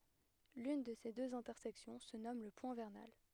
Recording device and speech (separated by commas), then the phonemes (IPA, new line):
headset microphone, read sentence
lyn də se døz ɛ̃tɛʁsɛksjɔ̃ sə nɔm lə pwɛ̃ vɛʁnal